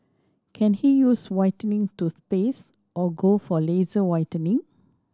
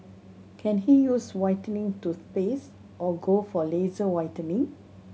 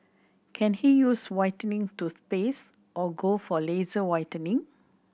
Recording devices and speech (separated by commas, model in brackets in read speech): standing microphone (AKG C214), mobile phone (Samsung C7100), boundary microphone (BM630), read sentence